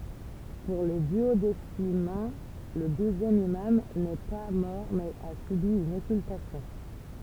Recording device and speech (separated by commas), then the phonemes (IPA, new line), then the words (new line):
temple vibration pickup, read sentence
puʁ le dyodesimɛ̃ lə duzjɛm imam nɛ pa mɔʁ mɛz a sybi yn ɔkyltasjɔ̃
Pour les duodécimains, le douzième imam n'est pas mort mais a subi une occultation.